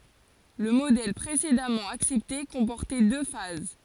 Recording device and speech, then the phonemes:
forehead accelerometer, read sentence
lə modɛl pʁesedamɑ̃ aksɛpte kɔ̃pɔʁtɛ dø faz

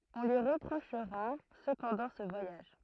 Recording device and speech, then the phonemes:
throat microphone, read sentence
ɔ̃ lyi ʁəpʁoʃʁa səpɑ̃dɑ̃ sə vwajaʒ

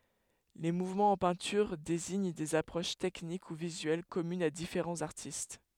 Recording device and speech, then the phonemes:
headset microphone, read sentence
le muvmɑ̃z ɑ̃ pɛ̃tyʁ deziɲ dez apʁoʃ tɛknik u vizyɛl kɔmynz a difeʁɑ̃z aʁtist

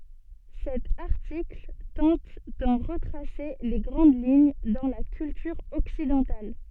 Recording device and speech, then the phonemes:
soft in-ear microphone, read sentence
sɛt aʁtikl tɑ̃t dɑ̃ ʁətʁase le ɡʁɑ̃d liɲ dɑ̃ la kyltyʁ ɔksidɑ̃tal

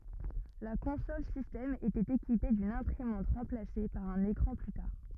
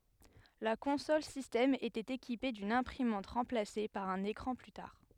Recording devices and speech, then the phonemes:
rigid in-ear microphone, headset microphone, read sentence
la kɔ̃sɔl sistɛm etɛt ekipe dyn ɛ̃pʁimɑ̃t ʁɑ̃plase paʁ œ̃n ekʁɑ̃ ply taʁ

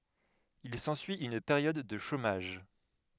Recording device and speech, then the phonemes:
headset microphone, read sentence
il sɑ̃syi yn peʁjɔd də ʃomaʒ

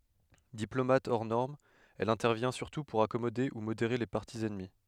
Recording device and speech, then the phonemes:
headset microphone, read sentence
diplomat ɔʁ nɔʁm ɛl ɛ̃tɛʁvjɛ̃ syʁtu puʁ akɔmode u modeʁe le paʁti ɛnmi

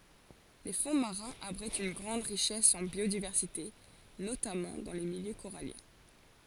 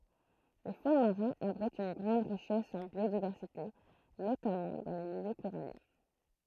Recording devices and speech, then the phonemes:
forehead accelerometer, throat microphone, read sentence
le fɔ̃ maʁɛ̃z abʁitt yn ɡʁɑ̃d ʁiʃɛs ɑ̃ bjodivɛʁsite notamɑ̃ dɑ̃ le miljø koʁaljɛ̃

